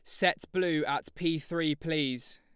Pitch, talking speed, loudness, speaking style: 165 Hz, 165 wpm, -31 LUFS, Lombard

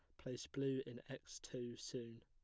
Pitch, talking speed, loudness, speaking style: 125 Hz, 175 wpm, -48 LUFS, plain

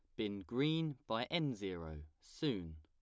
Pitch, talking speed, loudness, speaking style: 105 Hz, 140 wpm, -40 LUFS, plain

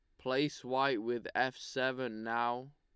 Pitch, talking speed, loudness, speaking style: 130 Hz, 140 wpm, -35 LUFS, Lombard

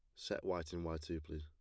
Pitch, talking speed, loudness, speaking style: 80 Hz, 300 wpm, -43 LUFS, plain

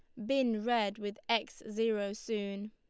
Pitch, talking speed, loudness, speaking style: 215 Hz, 150 wpm, -34 LUFS, Lombard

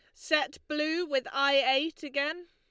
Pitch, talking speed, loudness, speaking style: 300 Hz, 160 wpm, -29 LUFS, Lombard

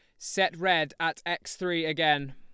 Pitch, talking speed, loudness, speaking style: 165 Hz, 170 wpm, -28 LUFS, Lombard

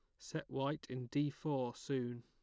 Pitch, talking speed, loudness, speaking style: 135 Hz, 180 wpm, -41 LUFS, plain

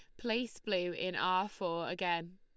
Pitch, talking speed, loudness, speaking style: 185 Hz, 165 wpm, -36 LUFS, Lombard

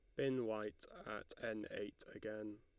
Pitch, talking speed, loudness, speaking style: 110 Hz, 150 wpm, -46 LUFS, Lombard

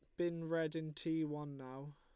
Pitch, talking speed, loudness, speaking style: 160 Hz, 205 wpm, -42 LUFS, Lombard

